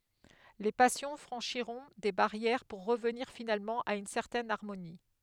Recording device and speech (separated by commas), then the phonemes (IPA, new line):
headset microphone, read sentence
le pasjɔ̃ fʁɑ̃ʃiʁɔ̃ de baʁjɛʁ puʁ ʁəvniʁ finalmɑ̃ a yn sɛʁtɛn aʁmoni